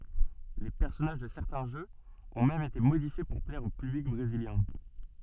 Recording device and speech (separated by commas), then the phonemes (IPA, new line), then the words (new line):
soft in-ear microphone, read sentence
le pɛʁsɔnaʒ də sɛʁtɛ̃ ʒøz ɔ̃ mɛm ete modifje puʁ plɛʁ o pyblik bʁeziljɛ̃
Les personnages de certains jeux ont même été modifiés pour plaire au public brésilien.